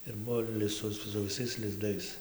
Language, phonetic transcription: Lithuanian, ir ˈbuvo li ˈsu su viˈsais lizˈdais

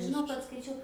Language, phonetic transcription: Lithuanian, žiˈnau kad skaiˈčiau

